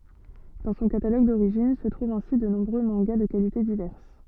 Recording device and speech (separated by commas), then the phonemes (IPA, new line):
soft in-ear microphone, read sentence
dɑ̃ sɔ̃ kataloɡ doʁiʒin sə tʁuvt ɛ̃si də nɔ̃bʁø mɑ̃ɡa də kalite divɛʁs